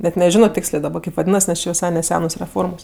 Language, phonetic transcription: Lithuanian, bet' neˈženo ˈtėkslė kėp vaˈdynas nes ˈčė viˈsai neˈsenos reˈformos

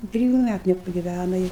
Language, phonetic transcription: Lithuanian, i ˈtriju ˈmætu nepagiˈvæna i

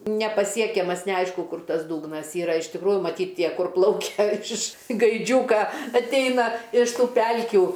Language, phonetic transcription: Lithuanian, nepaˈsiekiamas neˈaišku ˈkur ˈtas ˈdūgnas ˈyra iš tikˈrųju maˈtyt ˈtie ˈkur ˈplaukia iš gaiˈdžiūka atˈeina iš ˈtų ˈpelkių

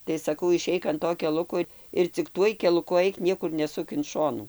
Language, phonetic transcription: Lithuanian, tai saˈkau iˈšeik an ˈto keˈluko ir cik ˈtuoj keluˈku ˈaik ˈniekur neˈsuk in ˈšonų

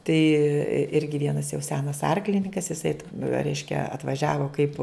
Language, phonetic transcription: Lithuanian, tai ˈirgi ˈvienas jau ˈsenas ˈarklininkas iˈsai reiškia atvaˈžiavo kaip

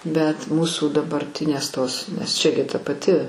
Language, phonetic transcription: Lithuanian, bet ˈmūsų dabarˈtinės ˈtos nes ˈčia gi ta paˈti

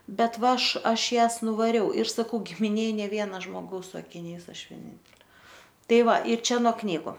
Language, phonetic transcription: Lithuanian, ˈbet ˈva ˈaš ˈaš ˈjąs nuvaˈriau ir saˈkau gimiˈnėj ˈnė ˈviena žmoˈgaus su akiˈniais ˈaš vieˈnintelė ˈtai ˈva ir ˈčia no ˈknygu

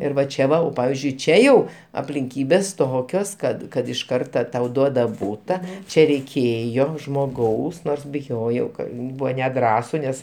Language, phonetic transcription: Lithuanian, ˈir va ˈčia va jau ˈpavizdžiui ˈčia jau aplinˈkybės ˈtokios ˈkad kad iš ˈkarta tau ˈduoda ˈbūta ˈčia reiˈkėjo žmoˈgaus ˈnors biˈjojau ˈka ˈbuvo neˈdrąsu ˈnes

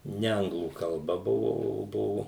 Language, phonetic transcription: Lithuanian, ˈne ˈanglų kalˈba ˈbuvo o ˈbuvu

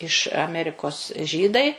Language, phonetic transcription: Lithuanian, iš aˈmerikos ˈžydai

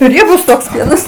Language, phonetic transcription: Lithuanian, ˈriebus toks ˈpienas

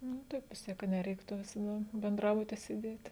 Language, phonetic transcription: Lithuanian, nu ˈtaip vis ˈtiek ka neˈreiktu visaˈda benˈdrabuti sėˈdėt'

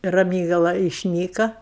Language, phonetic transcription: Lithuanian, raˈmygala išˈnyka

